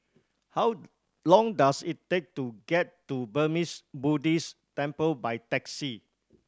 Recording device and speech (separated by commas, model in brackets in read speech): standing microphone (AKG C214), read sentence